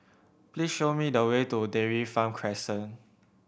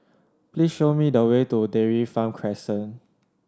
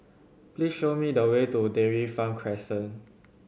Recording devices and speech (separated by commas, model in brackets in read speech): boundary microphone (BM630), standing microphone (AKG C214), mobile phone (Samsung C7100), read sentence